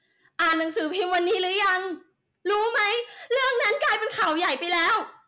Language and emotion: Thai, angry